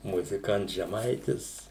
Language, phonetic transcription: Lithuanian, muziˈkants žeˈmaitis

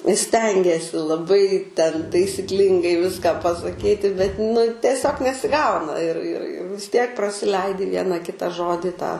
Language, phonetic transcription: Lithuanian, i ˈstengiesi laˈbai ten taisikˈlingai ˈviską pasaˈkyti bet nu teˈsiog nesiˈgauna ir ir i vis ˈtiek prasiˈleidi ˈviena ˈkita ˈžodi tą

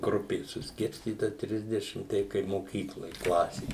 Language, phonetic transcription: Lithuanian, ˈgrupės susˈkirstyta ˈtrisdešim ˈtei kai moˈkykloj ˈklasė

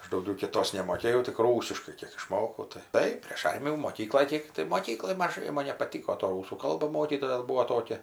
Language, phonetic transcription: Lithuanian, ˈaš dauˈgiau kiˈtos nemoˈkėjau tik ˈrūsiškai ˈkiek išˈmokau tai ˈtai prėš ˈarmijų moˈkykloj ˈkėk tai moˈkykloj maˈžai ˈman nepaˈtyko to ˈrūsų ˈkalba ˈmokytoja ˈbuo ˈtokia

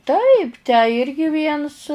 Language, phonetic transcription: Lithuanian, ˈtaip tę ˈirgi ˈviens

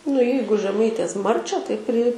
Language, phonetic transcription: Lithuanian, nu ˈjeigu žeˈmaitės ˈmarčią tai pri

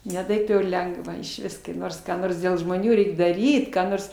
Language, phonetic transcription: Lithuanian, ne ˈtaip jau ir ˈlengva išˈvis kai ˈnors ką ˈnors dėl žmoˈnių ˈreik daˈryt ką ˈnors

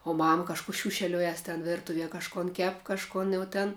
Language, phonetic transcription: Lithuanian, o ˈmam kažˈkų ˈšiūšeliojas ten ˈvirtuvie kažˈkon ˈkep kažˈkon jau ten

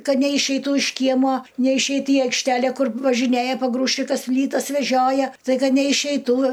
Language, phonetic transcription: Lithuanian, ˈkad neišeiˈtų iš ˈkiemuo neišˈeit i aikšˈtælæ ˈkur važiˈnėja paˈgrūžčikas ˈplytas veˈžioja staiˈga neišeiˈtų

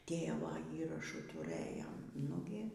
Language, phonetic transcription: Lithuanian, ˈtėvo ˈįrašų tuˈrɘjom ˈnugi

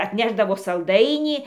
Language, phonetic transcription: Lithuanian, atˈnešdavo salˈdainį

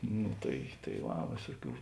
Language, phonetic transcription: Lithuanian, nu tai tai ˈva ˈvėsuˌkių

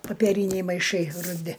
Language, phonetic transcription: Lithuanian, papeˈryniai maiˈšai ruˈdi

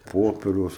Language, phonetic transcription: Lithuanian, ˈpoperiaus

